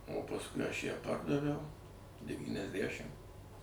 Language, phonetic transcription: Lithuanian, o pasˈkui aš ją ˈpardaviau devyniasˈdæšim

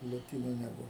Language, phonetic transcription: Lithuanian, loˈtynu neˈbuvu

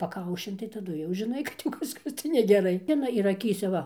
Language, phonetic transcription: Lithuanian, paˈkaušin tai taˈdu jau žiˈnai kad jau ˈkažkas tai negeˈrai ˈina ir aˈkyse ˈva

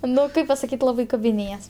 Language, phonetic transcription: Lithuanian, ˈnu ˈkaip pasaˈkyt' ˈlabai kabiˈnėjas

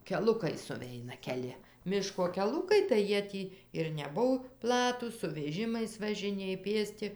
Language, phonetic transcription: Lithuanian, keˈlukai suˈveina keˈli ˈmiško keˈlukai tai ˈjie ˈtį ir neˈbuv ˈplatūs su veˈžimais važiˈnėj ˈpėsti

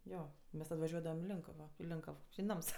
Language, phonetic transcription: Lithuanian, ˈjo ˈmes tad vaˈžiuodavam i ˈlinkavo i ˈlinkav i ˈnams

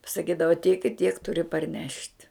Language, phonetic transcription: Lithuanian, pasaˈkydava tiek i tiek ˈturi parˈnešt'

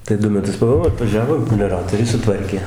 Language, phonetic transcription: Lithuanian, tai ˈdu meˈtus paˈbuo atvaˈžiavo melioˈratoriai suˈtvarkė

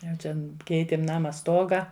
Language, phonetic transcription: Lithuanian, jau čian ˈkeitėm ˈnama ˈstoga

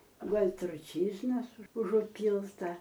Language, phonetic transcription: Lithuanian, ˈguol' truˈčyžnas užuˈpylta

